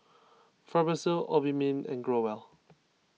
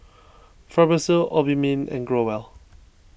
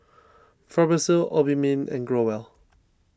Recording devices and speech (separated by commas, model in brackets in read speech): mobile phone (iPhone 6), boundary microphone (BM630), standing microphone (AKG C214), read sentence